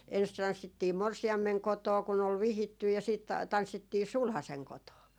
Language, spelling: Finnish, ensin tanssittiin morsiamen kotona kun oli vihitty ja sitten tanssittiin sulhasen kotona
- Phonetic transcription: ens 'tanssittii "morsi₍ammeŋ 'kotoo kun ‿ol "vihittyj̆ ja siit , 'tanssittii "sulhaseŋ 'kotoo .

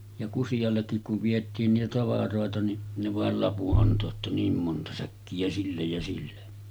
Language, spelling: Finnish, ja Kusiallekin kun vietiin niitä tavaroita niin ne vain lapun antoi että niin monta säkkiä sille ja sille
- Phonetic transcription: ja 'Kusijallekkik kuv 'viet̆tiin niitä 'tavaròeta ni , ne 'vàel "lapu’ '’anto että 'niim monta säkki₍ä 'sillej ja sille .

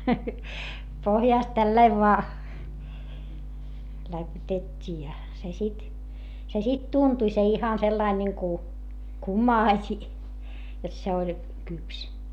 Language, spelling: Finnish, pohjasta tällä lailla vain läpytettiin ja se sitten se sitten tuntui se ihan sellainen niin kuin kumasi jotta se oli kypsä
- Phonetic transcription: pohjàst tällaiv voa , läpytet́t́ii ja , se sit , se sit tuntuⁱ se ihan sellain niŋku , kumaaśi , jot se oĺ kyps .

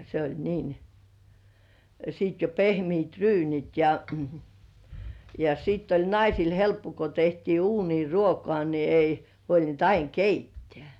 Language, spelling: Finnish, se oli niin sitten jo pehmeät' ryynit ja ja sitten oli naisilla helppo kun tehtiin uuniin ruokaa niin ei huolinut aina keittää
- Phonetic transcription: se oĺ niin , sìt jo "pehmiit 'ryynit ja , ja 'siitt ‿oĺ naisil "helppo ko tehtii "uunii 'ruokŏà ni ei , huolint 'aiŋ "keittĕä̀§ .

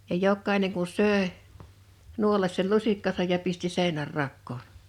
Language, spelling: Finnish, ja jokainen kun söi nuolaisi sen lusikkansa ja pisti - seinänrakoon
- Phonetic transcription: ja 'jokkaḙneŋ kun 'sö̀e , 'nuolas sei 'lusikkasaj ja 'pisti 'sè ḙnär'rakkoon .

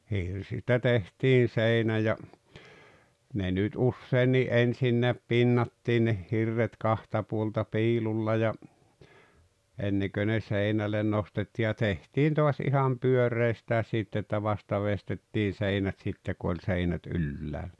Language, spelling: Finnish, hirsistä tehtiin seinä ja ne nyt useinkin ensinnäkin pinnattiin ne hirret kahta puolta piilulla ja ennen kuin ne seinälle nostettiin ja tehtiin taas ihan pyöreistäkin sitten että vasta veistettiin seinät sitten kun oli seinät ylhäällä
- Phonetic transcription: 'hirsistä 'tehtiin̬ 'seinä ja , ne nyt "uusseenni "’ensinneäp "pinnattii ne 'hirret "kahta puolta 'piilulla ja , 'enneᵑkö ne 'seinälen 'nostetti̳ ja 'tehtiin to̭as 'iham "pyöreistääs 'sitt ‿että "vasta 'vestettiin̬ "seinät 'sitte ku oĺ 'seinät "ylläälʟᴀ̈ .

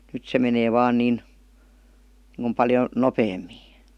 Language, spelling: Finnish, nyt se menee vain niin niin kuin paljon nopeammin
- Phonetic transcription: nyt se menee 'vaan 'niin , niŋku paljo , "nopeemmii .

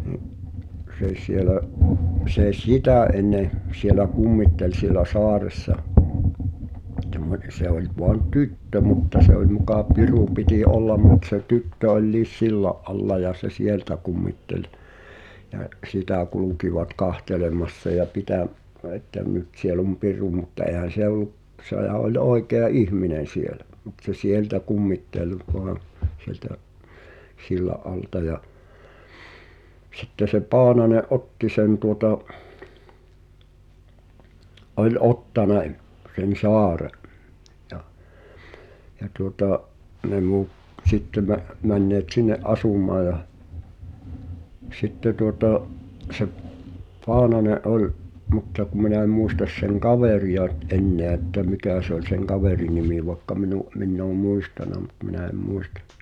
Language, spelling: Finnish, niin se siellä se sitä ennen siellä kummitteli siellä saaressa semmoinen se oli vain tyttö mutta se oli muka piru piti olla mutta se tyttö oli sillan alla ja se sieltä kummitteli ja sitä kulkivat katselemassa ja - - että - nyt siellä on piru mutta eihän se ollut sehän oli oikea ihminen siellä mutta se sieltä kummitteli vain sieltä sillan alta ja sitten se Paananen otti sen tuota oli ottanut sen saaren ja ja tuota ne - sitten - menneet sinne asumaan ja sitten tuota se Paananen oli mutta kun minä en muista sen kaveria nyt enää että mikä se oli sen kaverin nimi vaikka minun minä olen muistanut mutta minä en muista
- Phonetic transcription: ni’ , sè sielä , sè "śitä̀ enne , sielä 'kummittel siĕlä "soaressa , (temmone) 'se ‿oĺ voan "tyttö mutta se ‿oĺ mukà "pirù pitì '’ollam mut se 'tyttö oĺliis "silla’ ’alla ja se "sieltä kummitteĺ , jä , "’sitä 'kulukivat "kahtelemassa ja 'pitä̀m- , ə- että m- 'nyt siel ‿om "piru mutta 'ehän̬ 'se ‿ol̆lu’ , ’sehä ’ol 'òi̬kea "ihminen̬ sielä , mut se "sieltä 'kummittel , voan̬ , siĕltä’ , "silla’ '’alta ja , sitte se 'Paanane’ "’otti sen tuota , ’oĺ "’ottane̳’ , sen̬ "sɔare’ , ᴊᴀ , ᴊᴀ tuota’ , ne 'muut- , sitte mä- , 'männeet "sinne’ '’asum̀aa ja , 'sitte tuotà’ , se’ , 'Poanane’ '’oĺ , 'mutta ku mi̬nä ᵉm 'muistas seŋ "kavèri₍a n[y]t 'enneä että "mikä̀ se ‿oĺ seŋ 'kavèrin̆ 'nimi vaekka minu’ , 'minn ‿oom̆ "mùistàna mut minä em 'muistᴀ .

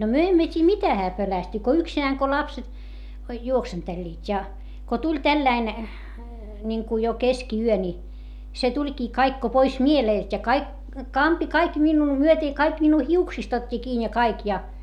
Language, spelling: Finnish, no me emme tiedä mitä hän pelästyi kun yksinään kun lapset juoksentelivat ja kun tuli tällainen niin kuin jo keskiyö niin se tulikin kaikki kun pois mieleltä ja kaikki kampi kaikki minua myöten ja kaikki minua hiuksista otti kiinni ja kaikki ja
- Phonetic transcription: no myö emmö t́ii mitä hää pölästy - ko yksinääŋ ko lapset , juoksenteĺĺiit́ ja , ko tuĺ tälläin , ńiŋku jo keski₍yö ńi , se tuĺkii kaik ko pois mielèlt ja kaik , kampi kaik minnuu myöte ja kaik minnuu hiuksist ‿ot́t́i kiin ja kaik ja .

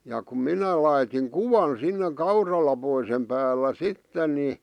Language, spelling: Finnish, ja kun minä laitoin kuvan sinne kauralaposen päällä sitten niin
- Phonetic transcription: ja kum "minä laitiŋ "kuvan sinne 'kauralapoisem päällä "sitten ni . ,

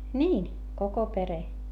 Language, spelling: Finnish, niin koko perhe
- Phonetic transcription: niin , koko pere .

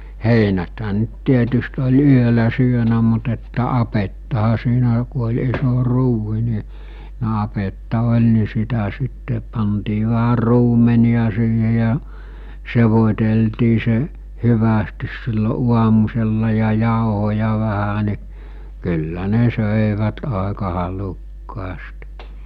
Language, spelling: Finnish, heinäthän nyt tietysti oli yöllä syönyt mutta että apettahan siinä kun oli iso ruuhi niin niin apetta oli niin sitä sitten pantiin vähän ruumenia siihen ja sekoiteltiin se hyvästi silloin aamusella ja jauhoja vähän niin kyllä ne söivät aika halukkaasti
- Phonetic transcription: 'heinäthä ‿nᵊt 'tietyst oĺ "yölä 'syönä mut että 'apettaha siinä ku oĺ 'iso 'ruuhi ni , ni̬ 'apetta 'oĺ ni 'sitä sitte , pantii vähär̆ 'ruumeni₍a siihe ja , 'sevot̜eltii se , 'hyvästis sillo 'uamusella ja 'jàohoja vähä ni , kyllä 'ne 'sö̀evät 'àeka 'halukkaast .

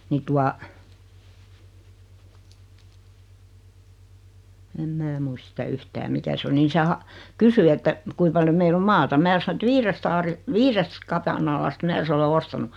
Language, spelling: Finnish, niin tuota en minä muista sitä yhtään mikä se oli niin se - kysyi että kuinka paljon meillä on maata minä sanoin että viidestä - viidestä kapanalasta minä sen olen ostanut
- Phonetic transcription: 'nii tua , em 'mää muist sitä 'yhtää 'mikä se oli ni se 'ha- , 'kysy että 'kui paljo 'meill ‿om "maata 'mää sano et 'viirest aari- , "viirest 'kapanalast 'mää se 'ole "ostanu .

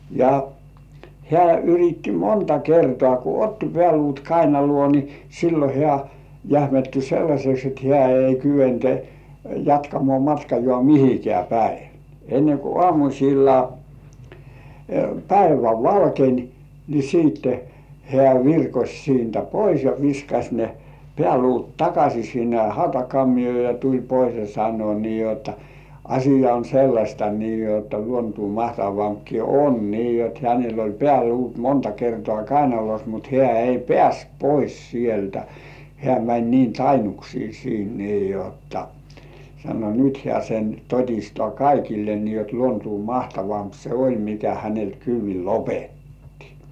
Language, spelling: Finnish, ja hän yritti monta kertaa kun otti pääluut kainaloon niin silloin hän jähmettyi sellaiseksi että hän ei kykene jatkamaan matkaa mihinkään päin ennen kuin aamusella päivä valkenee niin sitten hän virkosi siitä pois ja viskasi ne pääluut takaisin sinne hautakammioon ja tuli pois ja sanoi niin jotta asia on sellaista niin jotta luontoa mahtavampikin on niin jotta hänellä oli pääluut monta kertaa kainalossa mutta hän ei päässyt pois sieltä hän meni niin tainnuksiin siitä niin jotta sanoi nyt hän sen toistaa kaikille niin jotta luontoa mahtavampi se oli mikä häneltä kyydin lopetti
- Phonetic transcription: ja , 'hĕä̀ yritti "monta 'kertoä̀ ku "otti pĕä̀§luut 'kainalŭò ni , "sillo 'hĕä̀ , jähmetty 'sellaśeks et 'hĕä̀ ei kyven , jatkamŏà matkajŏà "mihikĕä̀ 'päi , enne ku 'ŏàmuśilla , 'päivä "valkeń , ni siitte , hĕä̀ "virkoś siintä 'pois ja 'viskaś ne , "pĕä̀luut "takaśii sinne 'hautakammijŭò ja tuĺ pois ja sannŭò nii jotta , » "aśija on 'sellaśta nii jotta luontuu 'mahtavampki "on « nii jot hänell ‿oĺ "pĕä̀luut "monta 'kertŏà "kainalos mut hĕä̀ ei "pĕä̀st 'pois sieltä , hĕä̀ mäń niin "tainuksii siint nii 'jotta , sano "nyt hĕä̀ sen 'tot̳́§istŏà "kaikille nii jot 'luontuu "mahtavamp se "oĺ mikä hänelt 'kyyv̆vil "lopetti .

